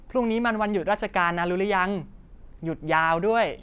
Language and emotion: Thai, happy